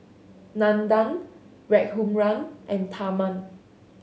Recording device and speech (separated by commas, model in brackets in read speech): mobile phone (Samsung S8), read sentence